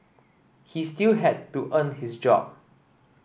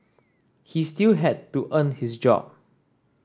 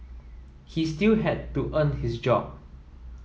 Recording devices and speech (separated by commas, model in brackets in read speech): boundary microphone (BM630), standing microphone (AKG C214), mobile phone (iPhone 7), read sentence